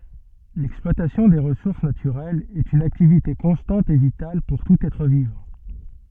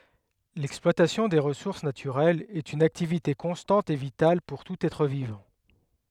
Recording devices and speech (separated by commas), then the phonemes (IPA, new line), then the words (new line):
soft in-ear microphone, headset microphone, read sentence
lɛksplwatasjɔ̃ de ʁəsuʁs natyʁɛlz ɛt yn aktivite kɔ̃stɑ̃t e vital puʁ tut ɛtʁ vivɑ̃
L'exploitation des ressources naturelles est une activité constante et vitale pour tout être vivant.